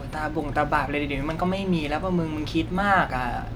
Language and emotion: Thai, frustrated